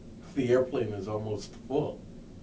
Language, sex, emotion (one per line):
English
male
neutral